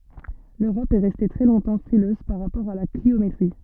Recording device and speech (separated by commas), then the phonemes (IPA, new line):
soft in-ear microphone, read sentence
løʁɔp ɛ ʁɛste tʁɛ lɔ̃tɑ̃ fʁiløz paʁ ʁapɔʁ a la kliometʁi